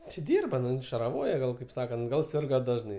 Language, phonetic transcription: Lithuanian, ti ˈdyrba ˈnu šaraˈvoje ˈgal kaip ˈsakant ˈgal ˈsirga ˈdažnai

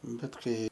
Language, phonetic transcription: Lithuanian, ˈbet ˈkai

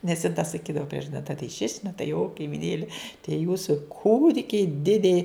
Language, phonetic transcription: Lithuanian, nes jin ta saˈkydavo ˈpriežadi na tai šiš' na tai jo kaimiˈnėli tie ˈjūsu ˈkūdikiai ˈdidei

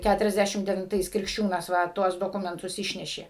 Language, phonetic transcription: Lithuanian, ˌkæturiasˈdæšim devinˈtais krikšˈčiūnas ˈva ˈtuos doˈkumentus ˈišnešė

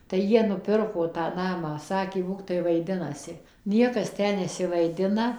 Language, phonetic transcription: Lithuanian, tai ˈjie nuˈpirko tą ˈnamą ˈsakė ˈbūktai vaiˈdinasi ˈniekas ˈtę nesivaiˈdina

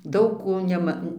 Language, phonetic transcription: Lithuanian, ˈdaug ˈko ˈnema

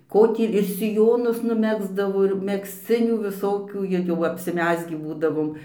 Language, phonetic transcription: Lithuanian, ˈko tį ir siˈjonus nuˈmegzdavo ir megzˈcinių viˈsokių ir jau apsiˈmezgį ˈbūdavom

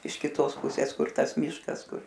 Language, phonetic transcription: Lithuanian, iš kiˈtos ˈpusės ˈkur ˈtas ˈmyškas ˈkur

